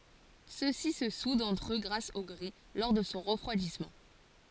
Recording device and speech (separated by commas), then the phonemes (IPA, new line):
forehead accelerometer, read sentence
søksi sə sudt ɑ̃tʁ ø ɡʁas o ɡʁɛ lɔʁ də sɔ̃ ʁəfʁwadismɑ̃